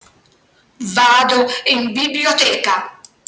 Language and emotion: Italian, angry